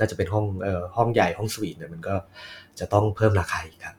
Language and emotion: Thai, neutral